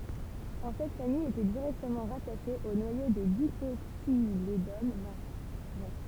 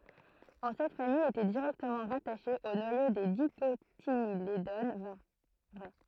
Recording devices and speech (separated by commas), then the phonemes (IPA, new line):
temple vibration pickup, throat microphone, read sentence
ɑ̃ sɛt famij etɛ diʁɛktəmɑ̃ ʁataʃe o nwajo de dikotiledon vʁɛ